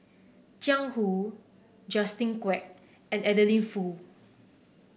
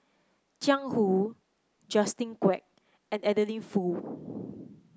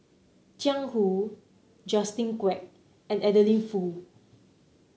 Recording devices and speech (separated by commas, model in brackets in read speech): boundary microphone (BM630), close-talking microphone (WH30), mobile phone (Samsung C9), read sentence